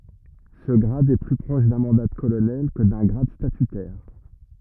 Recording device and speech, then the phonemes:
rigid in-ear microphone, read sentence
sə ɡʁad ɛ ply pʁɔʃ dœ̃ mɑ̃da də kolonɛl kə dœ̃ ɡʁad statytɛʁ

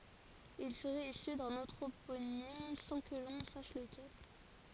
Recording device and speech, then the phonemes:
forehead accelerometer, read sentence
il səʁɛt isy dœ̃n ɑ̃tʁoponim sɑ̃ kə lɔ̃ saʃ ləkɛl

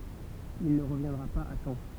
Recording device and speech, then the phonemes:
temple vibration pickup, read sentence
il nə ʁəvjɛ̃dʁa paz a tɑ̃

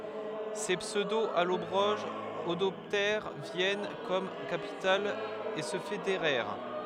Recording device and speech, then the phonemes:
headset microphone, read sentence
se psødoalɔbʁoʒz adɔptɛʁ vjɛn kɔm kapital e sə fedeʁɛʁ

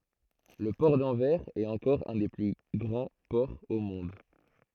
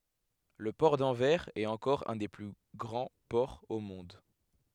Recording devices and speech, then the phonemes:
throat microphone, headset microphone, read sentence
lə pɔʁ dɑ̃vɛʁz ɛt ɑ̃kɔʁ œ̃ de ply ɡʁɑ̃ pɔʁz o mɔ̃d

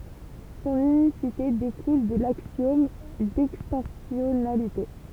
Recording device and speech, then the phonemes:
temple vibration pickup, read sentence
sɔ̃n ynisite dekul də laksjɔm dɛkstɑ̃sjɔnalite

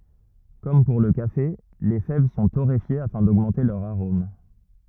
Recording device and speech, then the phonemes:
rigid in-ear microphone, read sentence
kɔm puʁ lə kafe le fɛv sɔ̃ toʁefje afɛ̃ doɡmɑ̃te lœʁ aʁom

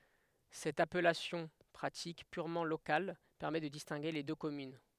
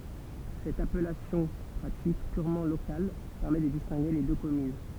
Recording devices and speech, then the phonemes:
headset microphone, temple vibration pickup, read sentence
sɛt apɛlasjɔ̃ pʁatik pyʁmɑ̃ lokal pɛʁmɛ də distɛ̃ɡe le dø kɔmyn

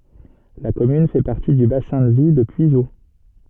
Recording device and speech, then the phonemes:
soft in-ear microphone, read sentence
la kɔmyn fɛ paʁti dy basɛ̃ də vi də pyizo

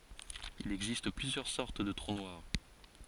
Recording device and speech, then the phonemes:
forehead accelerometer, read sentence
il ɛɡzist plyzjœʁ sɔʁt də tʁu nwaʁ

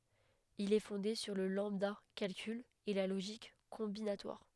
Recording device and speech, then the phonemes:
headset microphone, read sentence
il ɛ fɔ̃de syʁ lə lɑ̃bdakalkyl e la loʒik kɔ̃binatwaʁ

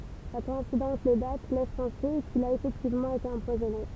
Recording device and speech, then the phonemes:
temple vibration pickup, read sentence
la kɔɛ̃sidɑ̃s de dat lɛs pɑ̃se kil a efɛktivmɑ̃ ete ɑ̃pwazɔne

